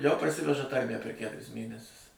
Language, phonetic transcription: Lithuanian, jau parˈsiveža ˈtarmæ per ˈkæturis ˈmėnesius

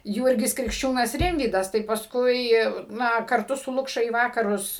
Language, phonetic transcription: Lithuanian, ˈjūrgis krikšˈčiūnas ˈrimvydas tai pasˈkui ˈna karˈtu su ˈlukša į ˈvakarus

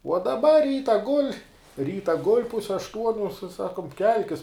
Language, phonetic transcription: Lithuanian, uo daˈba ˈryta gul' ˈryta gul' ˈpuse ašˈtuoniu sa ˈsakum ˈkelkis

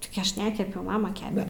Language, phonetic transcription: Lithuanian, tigi ˈaš ˈnekepiau ˈmama ˈkepe

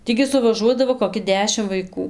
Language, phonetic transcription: Lithuanian, ˈtį gi suvaˈžuodavo koˈki ˈdešim vaiˈkų

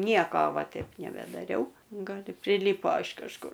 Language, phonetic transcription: Lithuanian, ˈnieko ˈva ˈteip nebedaˈriau gal i priˈlypo iš kažˈkur

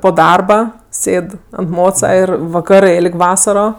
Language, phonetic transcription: Lithuanian, po ˈdarba ˈsėd ant ˈmoca ˈir vaˈkarɜ ˈėlg' ˈvasaro

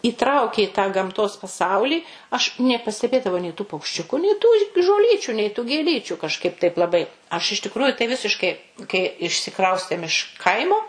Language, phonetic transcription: Lithuanian, įˈtraukė i tą gamˈtos paˈsaulį aš nepasteˈbėdavau nei tų paukšˈčiuku nei tų žoˈlyčių nei tų gėˈlyčių kažˈkaip taip laˈbai aš iš tikˈruju tai ˈvisiškai kai išsiˈkraustėm iš ˈkaimo

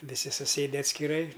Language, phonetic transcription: Lithuanian, viˈsi suˈsėde atskiˈrai

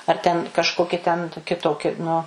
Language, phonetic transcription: Lithuanian, ar ten kažˈkoki ten toˈki ˈtoki nu

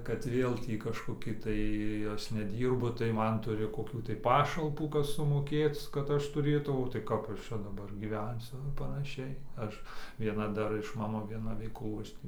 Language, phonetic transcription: Lithuanian, kad ˈvėl tį kažkoˈki tai ˈas neˈdyrbu tai ˈman ˈturi koˈkių tai ˈpašalpų ˈkas sumoˈkėc kad ˈaš tuˈrėtau o tai ˈkap ˈaš ˈčia daˈbar gyˈvensiu i panaˈšiai ˈaš vieˈna ˈdar iš ˈmano vieˈna ˈveiklų ˈaš tį

